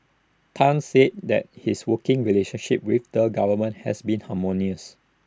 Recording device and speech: standing microphone (AKG C214), read sentence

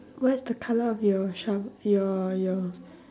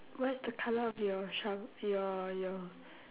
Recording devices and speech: standing microphone, telephone, conversation in separate rooms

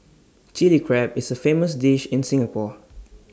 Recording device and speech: standing microphone (AKG C214), read sentence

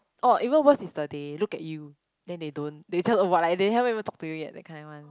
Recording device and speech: close-talking microphone, conversation in the same room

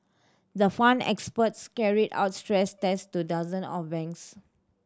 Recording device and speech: standing microphone (AKG C214), read sentence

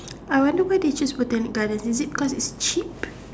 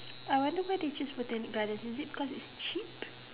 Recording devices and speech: standing microphone, telephone, conversation in separate rooms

